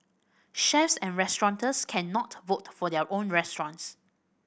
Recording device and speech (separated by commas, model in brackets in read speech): boundary microphone (BM630), read sentence